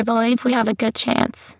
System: VC, spectral filtering